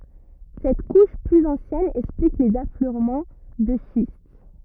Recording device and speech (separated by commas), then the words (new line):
rigid in-ear microphone, read sentence
Cette couche plus ancienne explique les affleurements de schiste.